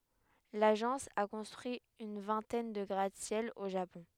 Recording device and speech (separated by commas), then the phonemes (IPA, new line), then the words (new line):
headset microphone, read sentence
laʒɑ̃s a kɔ̃stʁyi yn vɛ̃tɛn də ɡʁatəsjɛl o ʒapɔ̃
L'agence a construit une vingtaine de gratte-ciel au Japon.